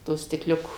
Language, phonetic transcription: Lithuanian, ˈto stikˈliuko

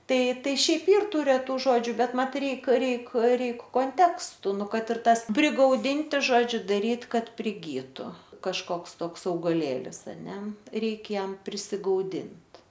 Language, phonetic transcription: Lithuanian, ˈtai ˈtai ˈšiaip ˈyr ˈtų reˈtų ˈžodžiu ˈbet ˈmat ˈreik ˈreik ˈreik konˈtekstu ˈnu ˈkad ir ˈtas prigauˈdinti ˈžodžiu daˈryt ˈkad priˈgytu kažˈkoks ˈtoks augaˈlėlis aˈne ˈreikia ˈjam prisigauˈdint

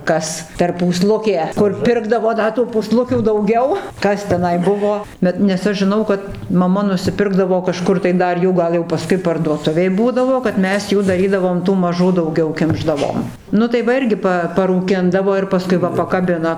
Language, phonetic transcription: Lithuanian, ˈkas per pūˈslukė ˈkur ˈpirkdavo ˈda tų pūˈslukių dauˈgiau ˈkas teˈnai ˈbuvo ˈbet nes ˈaš žiˈnau kad maˈma nusiˈpirkdavo kaˈžkur tai ˈdar ˈjų ˈgal jau paˈskui parduoˈtuvėj ˈbūdavo kad ˈmes ˈjų daˈrydavom tų maˈžų dauˈgiau ˈkimšdavom ˈnu tai ˈva ˈirgi pa paruˈkindavo ir paˈskui va pakaˈbina

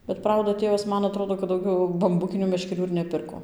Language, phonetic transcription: Lithuanian, bet ˈprauda ˈtėvas ˈman aˈtrodo kad dauˈgiau bamˈbukinių meškeˈrių ir neˈpirko

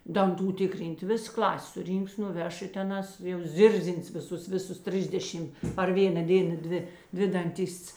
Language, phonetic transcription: Lithuanian, danˈtų ˈtikˌryn't' ˈvis ˈklas' suˈrynks nuˈveš i teˈnās jau ˈzirzins viˈsus ˈviˌsus ˈtrisdešim par ˈvėna ˈdėna ˈdvi ˈdvi danˈtists

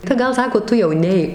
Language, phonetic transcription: Lithuanian, tai ˈgal ˈsako ˈtu jau ˈneik

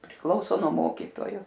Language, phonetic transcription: Lithuanian, priˈklauso nuo ˈmokytojo

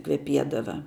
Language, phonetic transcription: Lithuanian, kveˈpiedava

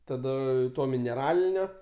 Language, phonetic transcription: Lithuanian, taˈda ˈto mineˈralinio

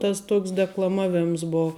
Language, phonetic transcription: Lithuanian, ˈtas ˈtuoks deklaˈmavimas ˈbo

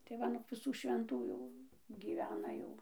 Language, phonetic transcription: Lithuanian, tai ˈva nuk viˈsų švenˈtų jau gyˈvena ˈjau

